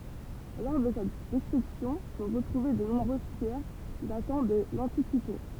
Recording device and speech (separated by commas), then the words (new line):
temple vibration pickup, read sentence
Lors de sa destruction sont retrouvées de nombreuses pierres datant de l'antiquité.